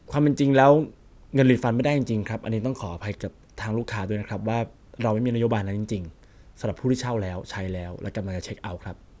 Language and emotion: Thai, neutral